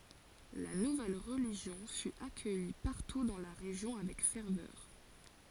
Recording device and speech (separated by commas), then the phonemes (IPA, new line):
forehead accelerometer, read sentence
la nuvɛl ʁəliʒjɔ̃ fy akœji paʁtu dɑ̃ la ʁeʒjɔ̃ avɛk fɛʁvœʁ